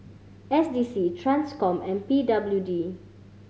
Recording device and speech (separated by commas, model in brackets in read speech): mobile phone (Samsung C5010), read sentence